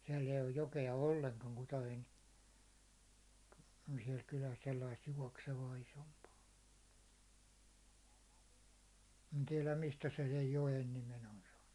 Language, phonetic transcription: Finnish, siɛll ‿eij ‿oj 'joke₍a 'olleŋkaŋ Kutajo₍en , siɛl kyläs sellaist juåksevaa isompaa , en tiɛläm 'mistä se sej 'jo₍en nimen on saannu .
- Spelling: siellä ei ole jokea ollenkaan Kutajoen siellä kylässä sellaista juoksevaa isompaa en tiedä mistä se sen joen nimen on saanut

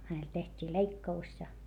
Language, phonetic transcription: Finnish, hänel teht́ii leikka₍us ja .
- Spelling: hänelle tehtiin leikkaus ja

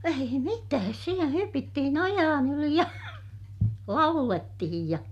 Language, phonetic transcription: Finnish, ei mitääs - sielä hypittihin ojaan ‿yli ja , laulettihij ja ,.
- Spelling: ei mitään siellä hypittiin ojien yli ja laulettiin ja

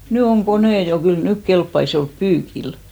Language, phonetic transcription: Finnish, "ny oŋ "konè 'jo , kyl 'nyk kelppais jo olp 'pyykil .
- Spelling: nyt on koneet jo kyllä nyt kelpaisi jo olla pyykillä

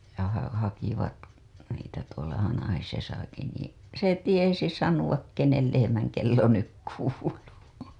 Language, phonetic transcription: Finnish, ja ha- , hakivat niitä tuola 'Hanahisesaki nii , 'se "tiesi 'sanuwak 'kenel lehe-mäŋ kello 'nyk kuuluu .
- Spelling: ja - hakivat niitä tuolla Hanhisessakin niin se tiesi sanoa kenen lehmän kello nyt kuuluu

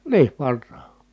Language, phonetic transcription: Finnish, niiv varrà .
- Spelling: niin varhain

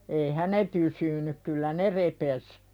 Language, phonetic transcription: Finnish, eihä "ne "pysyny , kyllä "ne 'repes .
- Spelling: eihän ne pysynyt kyllä ne repesi

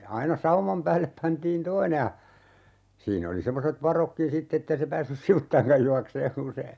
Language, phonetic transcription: Finnish, 'aina "saumam päällep 'pantiin "toine ja , 'siin ‿oli 'semmoset "varokkin 'sitt ‿ettei se 'päässys "sivuttaiŋkaj 'juakseeŋ 'kun se , .
- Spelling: aina sauman päälle pantiin toinen ja siinä oli semmoiset varotkin sitten että ei se päässyt sivuttainkaan juoksemaan kun se

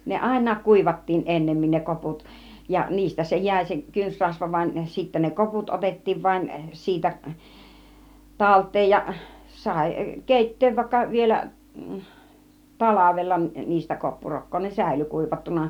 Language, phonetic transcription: Finnish, ne "àin̆naak 'kùivattiin 'ˀennemmin ne 'koput , ja 'niistä se 'jä̀i se 'kynsrasva van , sittä ne 'koput 'otettiiv vaⁱn 'siitä , "talt̆teej ja , 'sài "kèitteev 'vàikka 'vielä , "talavella niistä 'koppurokkoo ne "sä̀ily 'kùivattuna .
- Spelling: ne aina kuivattiin ennemmin ne koput ja niistä se jäi se kynsirasva vaan sitten ne koput otettiin vain siitä talteen ja sai keittää vaikka vielä talvella niistä koppurokkaa ne säilyi kuivattuna

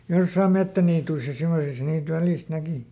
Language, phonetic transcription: Finnish, ˈjossaam "mettäniituis ja ˈsemosis niit ˈvälìst ˈnäki .
- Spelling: jossakin metsäniityissä ja semmoisissa niitä välistä näki

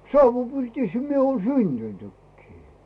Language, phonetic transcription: Finnish, sauvu'pirtìshä mie oon "syntyntykkii .
- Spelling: savupirtissä minä olen syntynytkin

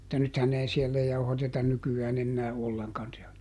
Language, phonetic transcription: Finnish, [mut]ta ˈnythän ei ˈsiellä ˈjauhatetan ˈnyky₍ään ‿ennää "olleŋkan si₍ä .
- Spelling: mutta nythän ei siellä jauhateta nykyään enää ollenkaan siellä

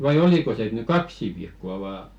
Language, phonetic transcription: Finnish, vai 'oliko se et ny "kaksi 'viikko₍a vaa ?
- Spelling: vai oliko se että nyt kaksi viikkoa vain

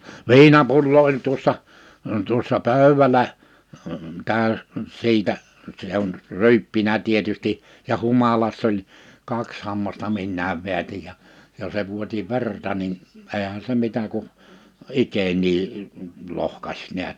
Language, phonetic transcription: Finnish, viinapullo oĺ 'tuᵒssa , tuᵒssa 'pö̀y̬wälä , tä̀y̬s , 'siitä , se ‿on , 'ry̬yppinä 'tietysti , ja 'humalass ‿oĺ , 'kaks 'hammasta 'minnääv 'vḙätij ja , ja se 'vuoti "verta nin , 'eehän se 'mitä ku , 'ikenii , 'lohkaś 'ni̬ät .
- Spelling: viinapullo oli tuossa tuossa pöydällä täysi siitä se on ryyppinyt tietysti ja humalassa oli kaksi hammasta minäkin vedätin ja ja se vuoti verta niin eihän se mitä kuin ikeniä lohkaisi näet

